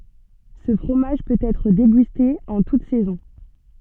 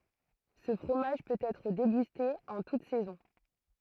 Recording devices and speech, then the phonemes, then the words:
soft in-ear microphone, throat microphone, read sentence
sə fʁomaʒ pøt ɛtʁ deɡyste ɑ̃ tut sɛzɔ̃
Ce fromage peut être dégusté en toutes saisons.

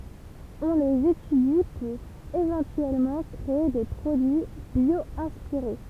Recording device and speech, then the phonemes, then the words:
temple vibration pickup, read sentence
ɔ̃ lez etydi puʁ evɑ̃tyɛlmɑ̃ kʁee de pʁodyi bjwɛ̃spiʁe
On les étudie pour éventuellement créer des produits bio-inspirés.

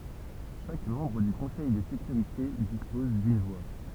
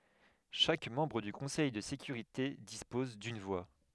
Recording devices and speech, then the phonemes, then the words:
temple vibration pickup, headset microphone, read sentence
ʃak mɑ̃bʁ dy kɔ̃sɛj də sekyʁite dispɔz dyn vwa
Chaque membre du Conseil de sécurité dispose d'une voix.

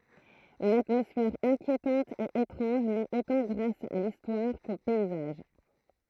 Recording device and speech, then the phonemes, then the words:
throat microphone, read sentence
yn atmɔsfɛʁ ɛ̃kjetɑ̃t e etʁɑ̃ʒ nɛt otɑ̃ ɡʁas a listwaʁ ko pɛizaʒ
Une atmosphère inquiétante et étrange naît autant grâce à l'histoire qu'aux paysages.

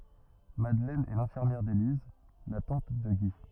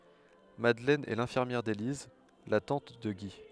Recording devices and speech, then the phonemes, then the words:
rigid in-ear microphone, headset microphone, read sentence
madlɛn ɛ lɛ̃fiʁmjɛʁ deliz la tɑ̃t də ɡi
Madeleine est l'infirmière d’Élise, la tante de Guy.

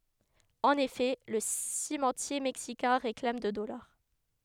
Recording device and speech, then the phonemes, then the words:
headset microphone, read sentence
ɑ̃n efɛ lə simɑ̃tje mɛksikɛ̃ ʁeklam də dɔlaʁ
En effet, le cimentier mexicain réclame de dollars.

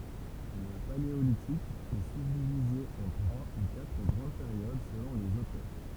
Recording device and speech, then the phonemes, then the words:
temple vibration pickup, read sentence
lə paleolitik ɛ sybdivize ɑ̃ tʁwa u katʁ ɡʁɑ̃d peʁjod səlɔ̃ lez otœʁ
Le Paléolithique est subdivisé en trois ou quatre grandes périodes selon les auteurs.

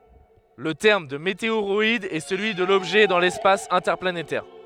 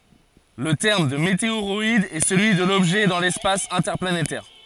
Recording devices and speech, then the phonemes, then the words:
headset microphone, forehead accelerometer, read sentence
lə tɛʁm də meteoʁɔid ɛ səlyi də lɔbʒɛ dɑ̃ lɛspas ɛ̃tɛʁplanetɛʁ
Le terme de météoroïde est celui de l'objet dans l’espace interplanétaire.

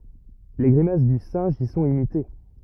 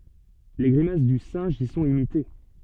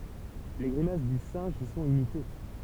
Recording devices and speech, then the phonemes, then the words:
rigid in-ear microphone, soft in-ear microphone, temple vibration pickup, read sentence
le ɡʁimas dy sɛ̃ʒ i sɔ̃t imite
Les grimaces du singe y sont imitées.

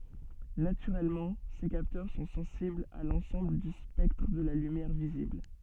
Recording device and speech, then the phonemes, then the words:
soft in-ear microphone, read sentence
natyʁɛlmɑ̃ se kaptœʁ sɔ̃ sɑ̃siblz a lɑ̃sɑ̃bl dy spɛktʁ də la lymjɛʁ vizibl
Naturellement, ces capteurs sont sensibles à l'ensemble du spectre de la lumière visible.

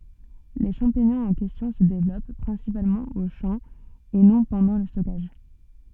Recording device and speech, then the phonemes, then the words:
soft in-ear microphone, read sentence
le ʃɑ̃piɲɔ̃z ɑ̃ kɛstjɔ̃ sə devlɔp pʁɛ̃sipalmɑ̃ o ʃɑ̃ e nɔ̃ pɑ̃dɑ̃ lə stɔkaʒ
Les champignons en question se développent principalement aux champs et non pendant le stockage.

